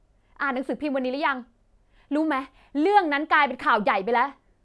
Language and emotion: Thai, angry